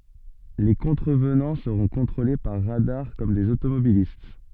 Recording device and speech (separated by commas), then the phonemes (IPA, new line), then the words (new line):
soft in-ear microphone, read sentence
le kɔ̃tʁəvnɑ̃ səʁɔ̃ kɔ̃tʁole paʁ ʁadaʁ kɔm dez otomobilist
Les contrevenants seront contrôlés par radars, comme des automobilistes.